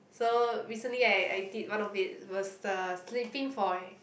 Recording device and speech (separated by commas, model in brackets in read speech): boundary microphone, conversation in the same room